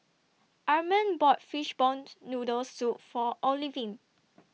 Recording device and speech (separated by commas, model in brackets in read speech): mobile phone (iPhone 6), read sentence